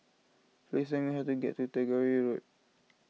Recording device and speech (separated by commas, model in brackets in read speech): mobile phone (iPhone 6), read sentence